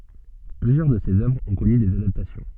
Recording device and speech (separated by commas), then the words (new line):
soft in-ear microphone, read sentence
Plusieurs de ses œuvres ont connu des adaptations.